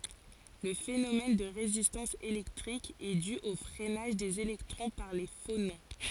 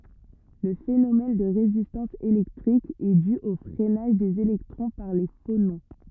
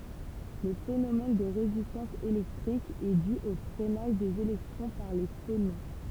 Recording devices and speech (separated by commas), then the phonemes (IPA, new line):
forehead accelerometer, rigid in-ear microphone, temple vibration pickup, read sentence
lə fenomɛn də ʁezistɑ̃s elɛktʁik ɛ dy o fʁɛnaʒ dez elɛktʁɔ̃ paʁ le fonɔ̃